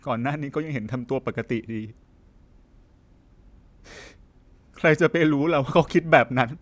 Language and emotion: Thai, sad